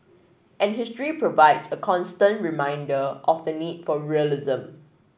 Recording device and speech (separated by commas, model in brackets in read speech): boundary microphone (BM630), read sentence